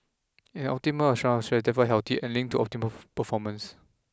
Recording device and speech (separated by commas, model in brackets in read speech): close-talking microphone (WH20), read sentence